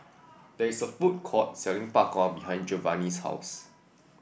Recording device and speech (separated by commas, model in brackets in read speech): boundary microphone (BM630), read sentence